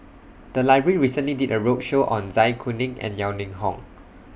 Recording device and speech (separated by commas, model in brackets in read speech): boundary microphone (BM630), read sentence